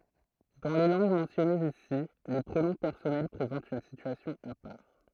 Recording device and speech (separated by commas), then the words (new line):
throat microphone, read sentence
Dans les langues mentionnées ici, les pronoms personnels présentent une situation à part.